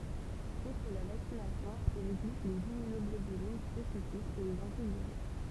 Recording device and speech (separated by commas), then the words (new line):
temple vibration pickup, read sentence
Outre la vaccination, il existe les immunoglobulines spécifiques et les antiviraux.